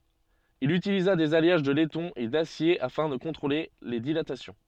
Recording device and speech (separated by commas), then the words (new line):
soft in-ear microphone, read sentence
Il utilisa des alliages de laiton et d'acier afin de contrôler les dilatations.